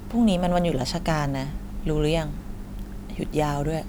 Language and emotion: Thai, neutral